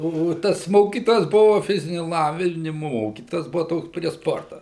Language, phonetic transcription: Lithuanian, ˈo ˈo ˈtas ˈmokytojas ˈbuva ˈfiziniu lˈavinimu ˈmokytojas ˈbuva ˈtoks prie ˈsporta

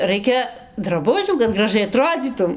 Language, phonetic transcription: Lithuanian, ˈraikia draˈbužių kad graˈžai aˈtrodzytum

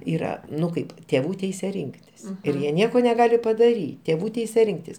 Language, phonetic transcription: Lithuanian, ˈyra ˈnu ˈkaip tėˈvų ˈteise ˈrinktis ir ˈjie ˈnieko neˈgali padaˈry tėˈvų ˈteise ˈrinktis

